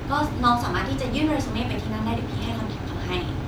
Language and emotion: Thai, neutral